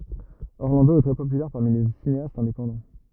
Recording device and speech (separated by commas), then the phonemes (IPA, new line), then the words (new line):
rigid in-ear microphone, read sentence
ɔʁlɑ̃do ɛ tʁɛ popylɛʁ paʁmi le sineastz ɛ̃depɑ̃dɑ̃
Orlando est très populaire parmi les cinéastes indépendants.